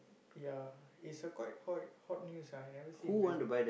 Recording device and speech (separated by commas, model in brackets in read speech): boundary microphone, conversation in the same room